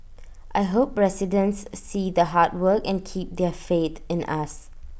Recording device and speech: boundary microphone (BM630), read sentence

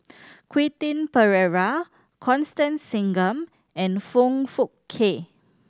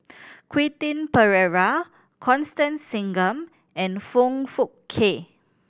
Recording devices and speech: standing microphone (AKG C214), boundary microphone (BM630), read sentence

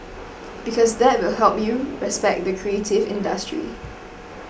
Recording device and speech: boundary microphone (BM630), read sentence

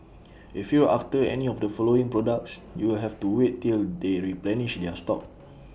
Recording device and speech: boundary microphone (BM630), read sentence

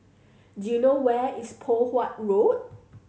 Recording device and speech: mobile phone (Samsung C7100), read sentence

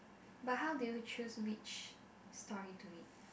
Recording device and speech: boundary microphone, conversation in the same room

